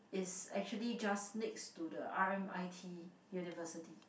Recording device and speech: boundary microphone, conversation in the same room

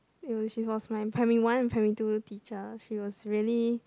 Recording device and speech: close-talking microphone, conversation in the same room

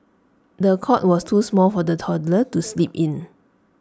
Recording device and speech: standing microphone (AKG C214), read sentence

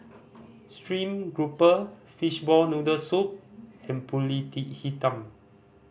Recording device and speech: boundary microphone (BM630), read sentence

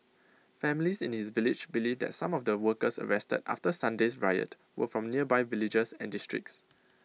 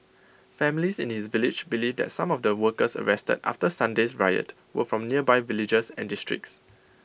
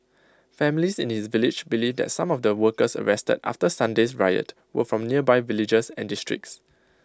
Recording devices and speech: mobile phone (iPhone 6), boundary microphone (BM630), close-talking microphone (WH20), read sentence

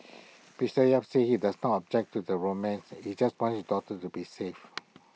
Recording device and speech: mobile phone (iPhone 6), read sentence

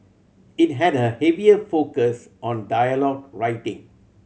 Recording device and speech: mobile phone (Samsung C7100), read sentence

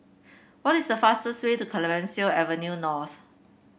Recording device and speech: boundary microphone (BM630), read sentence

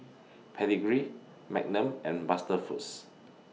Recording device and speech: mobile phone (iPhone 6), read sentence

